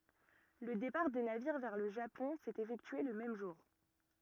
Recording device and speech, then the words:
rigid in-ear microphone, read sentence
Le départ des navires vers le Japon s’est effectué le même jour.

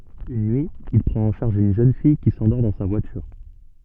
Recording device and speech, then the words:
soft in-ear microphone, read sentence
Une nuit, il prend en charge une jeune fille qui s'endort dans sa voiture.

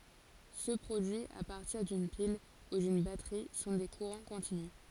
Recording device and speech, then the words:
forehead accelerometer, read sentence
Ceux produits à partir d'une pile ou d'une batterie sont des courants continus.

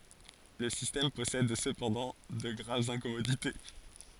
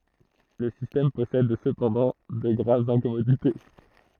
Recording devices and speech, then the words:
forehead accelerometer, throat microphone, read sentence
Le système possède cependant de graves incommodités.

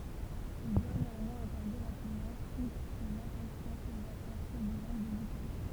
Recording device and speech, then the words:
temple vibration pickup, read sentence
Il doit néanmoins accorder rapidement toute son attention aux affaires turbulentes de l’Italie.

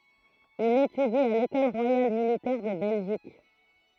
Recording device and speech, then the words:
throat microphone, read sentence
Il étudie à l'École royale militaire de Belgique.

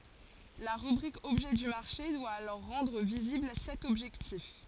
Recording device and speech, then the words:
forehead accelerometer, read sentence
La rubrique Objet du marché doit alors rendre visible cet objectif.

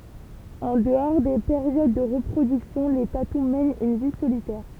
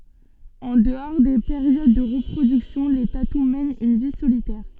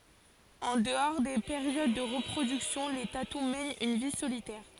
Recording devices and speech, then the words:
temple vibration pickup, soft in-ear microphone, forehead accelerometer, read sentence
En dehors des périodes de reproduction, les tatous mènent une vie solitaire.

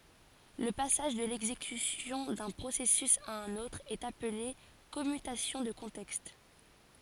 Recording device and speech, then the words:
forehead accelerometer, read sentence
Le passage de l’exécution d’un processus à un autre est appelé commutation de contexte.

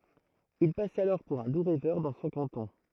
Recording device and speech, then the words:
throat microphone, read sentence
Il passe alors pour un doux rêveur dans son canton.

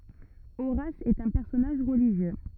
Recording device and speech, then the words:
rigid in-ear microphone, read sentence
Horace est un personnage religieux.

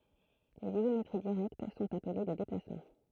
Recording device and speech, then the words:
throat microphone, read sentence
Les isométries directes sont appelés des déplacements.

